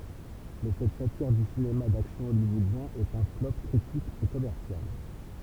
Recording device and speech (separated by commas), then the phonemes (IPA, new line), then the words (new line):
temple vibration pickup, read sentence
mɛ sɛt satiʁ dy sinema daksjɔ̃ ɔljwɔodjɛ̃ ɛt œ̃ flɔp kʁitik e kɔmɛʁsjal
Mais cette satire du cinéma d'action hollywoodien est un flop critique et commercial.